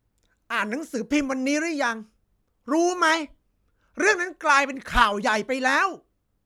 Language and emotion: Thai, angry